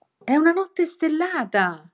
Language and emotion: Italian, happy